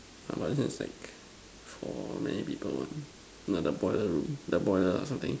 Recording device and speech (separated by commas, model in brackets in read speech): standing microphone, conversation in separate rooms